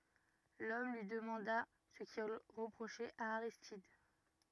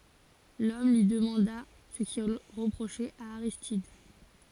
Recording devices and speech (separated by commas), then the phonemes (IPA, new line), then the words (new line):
rigid in-ear microphone, forehead accelerometer, read sentence
lɔm lyi dəmɑ̃da sə kil ʁəpʁoʃɛt a aʁistid
L'homme lui demanda ce qu'il reprochait à Aristide.